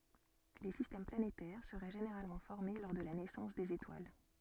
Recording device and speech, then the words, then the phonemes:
soft in-ear microphone, read sentence
Les systèmes planétaires seraient généralement formés lors de la naissance des étoiles.
le sistɛm planetɛʁ səʁɛ ʒeneʁalmɑ̃ fɔʁme lɔʁ də la nɛsɑ̃s dez etwal

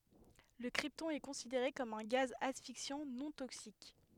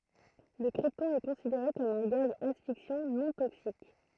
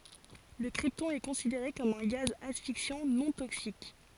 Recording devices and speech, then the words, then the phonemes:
headset microphone, throat microphone, forehead accelerometer, read sentence
Le krypton est considéré comme un gaz asphyxiant non toxique.
lə kʁiptɔ̃ ɛ kɔ̃sideʁe kɔm œ̃ ɡaz asfiksjɑ̃ nɔ̃ toksik

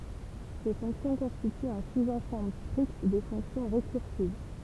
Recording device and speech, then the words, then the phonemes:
temple vibration pickup, read sentence
Ces fonctions constituent un sous-ensemble strict des fonctions récursives.
se fɔ̃ksjɔ̃ kɔ̃stityt œ̃ suzɑ̃sɑ̃bl stʁikt de fɔ̃ksjɔ̃ ʁekyʁsiv

